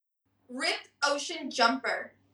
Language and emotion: English, angry